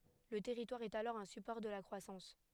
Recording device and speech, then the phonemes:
headset microphone, read sentence
lə tɛʁitwaʁ ɛt alɔʁ œ̃ sypɔʁ də la kʁwasɑ̃s

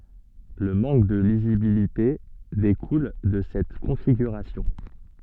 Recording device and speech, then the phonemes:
soft in-ear microphone, read sentence
lə mɑ̃k də lizibilite dekul də sɛt kɔ̃fiɡyʁasjɔ̃

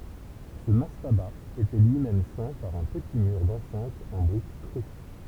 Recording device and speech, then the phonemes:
temple vibration pickup, read sentence
sə mastaba etɛ lyi mɛm sɛ̃ paʁ œ̃ pəti myʁ dɑ̃sɛ̃t ɑ̃ bʁik kʁy

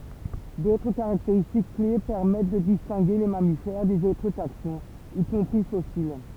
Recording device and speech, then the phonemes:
temple vibration pickup, read sentence
dotʁ kaʁakteʁistik kle pɛʁmɛt də distɛ̃ɡe le mamifɛʁ dez otʁ taksɔ̃z i kɔ̃pʁi fɔsil

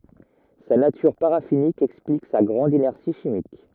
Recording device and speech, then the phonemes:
rigid in-ear microphone, read sentence
sa natyʁ paʁafinik ɛksplik sa ɡʁɑ̃d inɛʁsi ʃimik

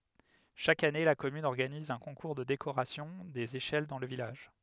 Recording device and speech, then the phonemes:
headset microphone, read sentence
ʃak ane la kɔmyn ɔʁɡaniz œ̃ kɔ̃kuʁ də dekoʁasjɔ̃ dez eʃɛl dɑ̃ lə vilaʒ

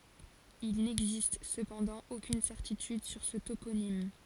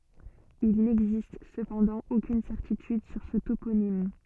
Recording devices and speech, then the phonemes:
forehead accelerometer, soft in-ear microphone, read sentence
il nɛɡzist səpɑ̃dɑ̃ okyn sɛʁtityd syʁ sə toponim

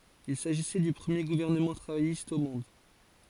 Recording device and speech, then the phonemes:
forehead accelerometer, read sentence
il saʒisɛ dy pʁəmje ɡuvɛʁnəmɑ̃ tʁavajist o mɔ̃d

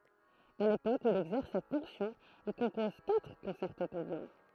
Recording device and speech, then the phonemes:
throat microphone, read sentence
a lepok u il ɛɡzɛʁs sɛt fɔ̃ksjɔ̃ il kɔ̃pɔz katʁ kɔ̃sɛʁto puʁ vjolɔ̃

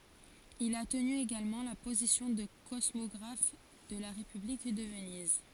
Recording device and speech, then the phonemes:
forehead accelerometer, read sentence
il a təny eɡalmɑ̃ la pozisjɔ̃ də kɔsmɔɡʁaf də la ʁepyblik də vəniz

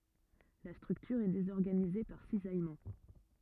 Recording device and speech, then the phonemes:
rigid in-ear microphone, read sentence
la stʁyktyʁ ɛ dezɔʁɡanize paʁ sizajmɑ̃

